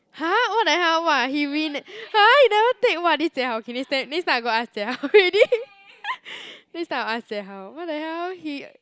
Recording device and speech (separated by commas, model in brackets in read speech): close-talking microphone, conversation in the same room